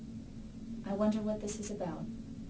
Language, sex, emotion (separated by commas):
English, female, neutral